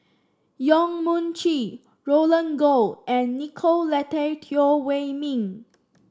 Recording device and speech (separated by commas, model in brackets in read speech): standing microphone (AKG C214), read sentence